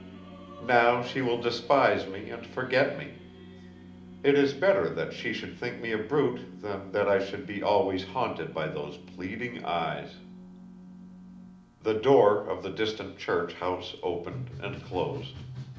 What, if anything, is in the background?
Music.